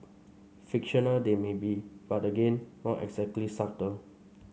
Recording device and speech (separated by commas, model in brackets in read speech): mobile phone (Samsung C5), read sentence